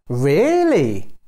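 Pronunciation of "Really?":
'Really?' is said with a rising-falling tone, and it sounds excited.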